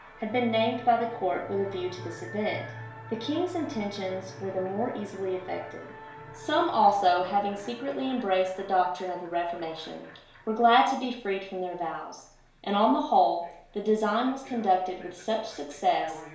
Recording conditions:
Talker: one person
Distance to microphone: 1.0 m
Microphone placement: close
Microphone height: 1.1 m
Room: small (3.7 m by 2.7 m)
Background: television

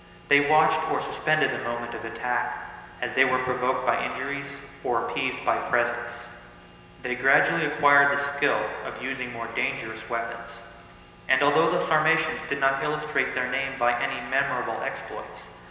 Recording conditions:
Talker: one person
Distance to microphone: 1.7 m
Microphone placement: close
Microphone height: 1.0 m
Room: very reverberant, large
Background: none

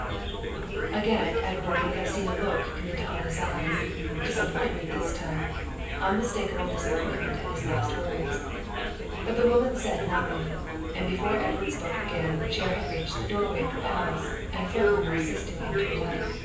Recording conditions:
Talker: one person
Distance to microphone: 9.8 m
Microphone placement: far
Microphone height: 1.8 m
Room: large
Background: babble

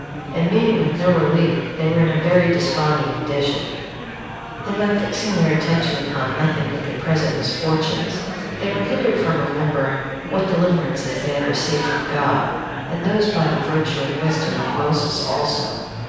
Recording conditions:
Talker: one person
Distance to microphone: 7.1 m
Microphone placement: far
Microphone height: 1.7 m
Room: very reverberant, large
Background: babble

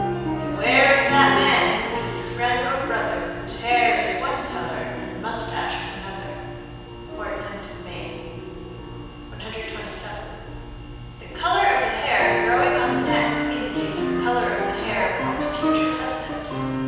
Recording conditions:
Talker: one person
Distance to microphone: 7.1 m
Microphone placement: far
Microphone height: 1.7 m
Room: very reverberant, large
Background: music

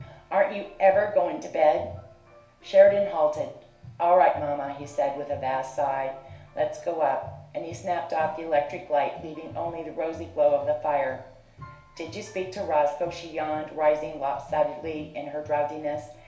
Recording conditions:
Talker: one person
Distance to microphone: 1.0 m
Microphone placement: close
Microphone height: 1.1 m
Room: small (3.7 m by 2.7 m)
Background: music

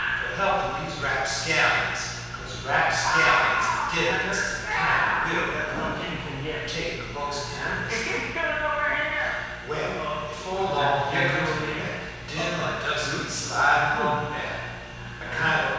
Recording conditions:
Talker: one person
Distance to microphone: 7.1 m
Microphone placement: far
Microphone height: 1.7 m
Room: very reverberant, large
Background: television

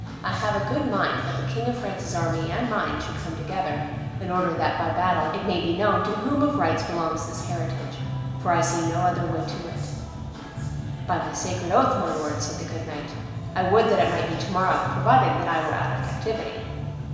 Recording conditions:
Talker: one person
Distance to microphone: 1.7 m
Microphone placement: close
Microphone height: 1.0 m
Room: very reverberant, large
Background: music

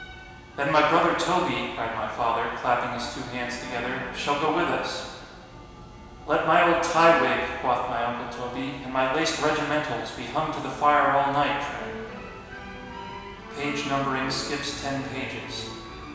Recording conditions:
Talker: one person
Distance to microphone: 1.7 m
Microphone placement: close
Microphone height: 1.0 m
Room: very reverberant, large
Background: music

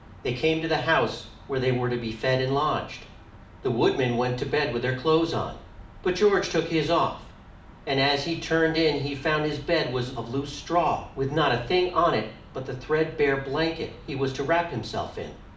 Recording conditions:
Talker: one person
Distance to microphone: 2.0 m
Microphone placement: close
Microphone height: 99 cm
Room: medium-sized (5.7 m by 4.0 m)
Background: none

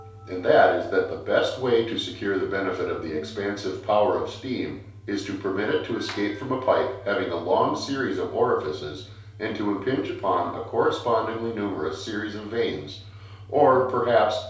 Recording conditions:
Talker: one person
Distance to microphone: 3.0 m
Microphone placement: far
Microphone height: 1.8 m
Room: small (3.7 m by 2.7 m)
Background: music

